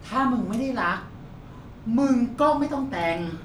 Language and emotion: Thai, frustrated